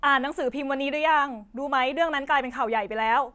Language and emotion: Thai, frustrated